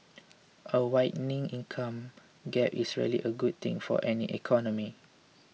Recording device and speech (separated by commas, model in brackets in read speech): mobile phone (iPhone 6), read sentence